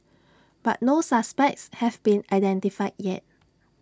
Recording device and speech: standing microphone (AKG C214), read sentence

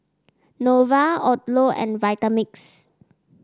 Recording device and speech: standing microphone (AKG C214), read sentence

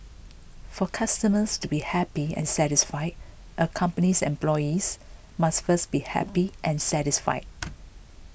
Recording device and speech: boundary microphone (BM630), read sentence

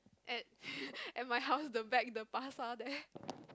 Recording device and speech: close-talking microphone, conversation in the same room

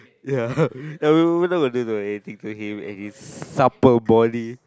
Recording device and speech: close-talking microphone, conversation in the same room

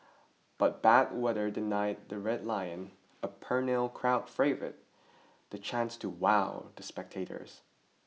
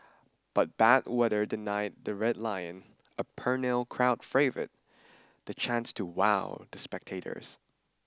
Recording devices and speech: mobile phone (iPhone 6), standing microphone (AKG C214), read sentence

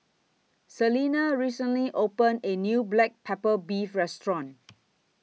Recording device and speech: mobile phone (iPhone 6), read sentence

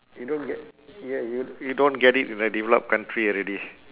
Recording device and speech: telephone, conversation in separate rooms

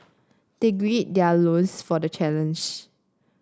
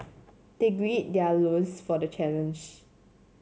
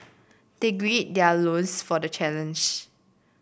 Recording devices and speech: standing microphone (AKG C214), mobile phone (Samsung C7), boundary microphone (BM630), read sentence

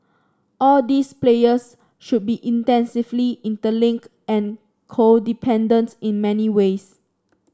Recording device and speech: standing microphone (AKG C214), read sentence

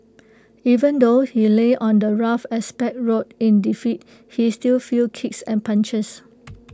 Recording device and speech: close-talking microphone (WH20), read sentence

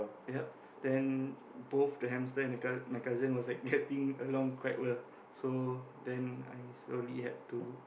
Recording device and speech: boundary microphone, conversation in the same room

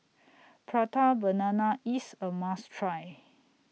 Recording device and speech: mobile phone (iPhone 6), read sentence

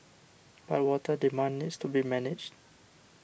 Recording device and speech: boundary microphone (BM630), read sentence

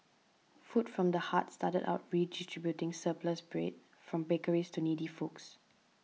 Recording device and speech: mobile phone (iPhone 6), read sentence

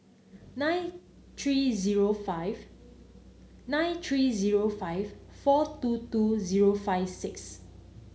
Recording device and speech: mobile phone (Samsung C9), read sentence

